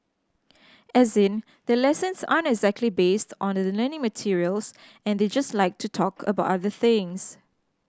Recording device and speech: standing microphone (AKG C214), read sentence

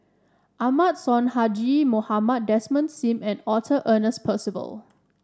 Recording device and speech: standing microphone (AKG C214), read sentence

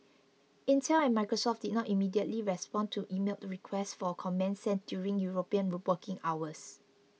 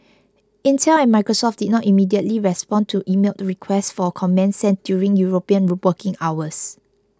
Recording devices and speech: mobile phone (iPhone 6), close-talking microphone (WH20), read sentence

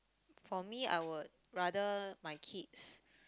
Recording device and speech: close-talking microphone, conversation in the same room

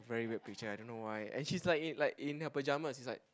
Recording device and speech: close-talking microphone, conversation in the same room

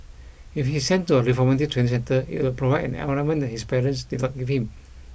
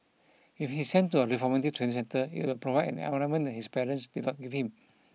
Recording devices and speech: boundary microphone (BM630), mobile phone (iPhone 6), read sentence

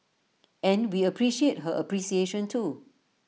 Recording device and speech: mobile phone (iPhone 6), read sentence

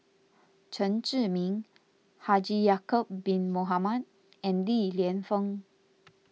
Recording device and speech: mobile phone (iPhone 6), read sentence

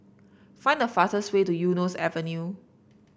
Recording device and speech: boundary microphone (BM630), read sentence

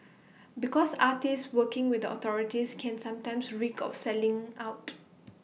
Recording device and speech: mobile phone (iPhone 6), read sentence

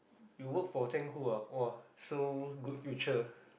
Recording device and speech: boundary microphone, conversation in the same room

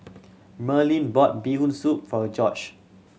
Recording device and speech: mobile phone (Samsung C7100), read sentence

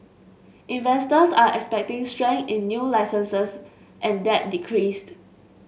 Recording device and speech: mobile phone (Samsung S8), read sentence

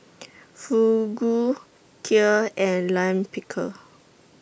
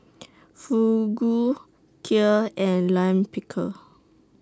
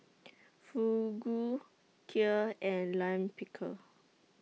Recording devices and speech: boundary microphone (BM630), standing microphone (AKG C214), mobile phone (iPhone 6), read sentence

